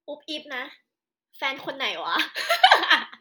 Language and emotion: Thai, happy